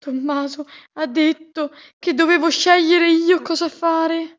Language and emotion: Italian, fearful